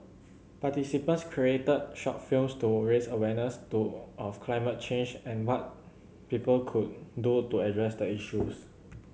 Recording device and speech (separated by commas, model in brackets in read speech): mobile phone (Samsung C7100), read sentence